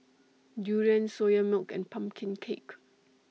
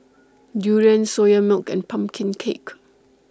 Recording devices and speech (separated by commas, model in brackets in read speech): mobile phone (iPhone 6), standing microphone (AKG C214), read sentence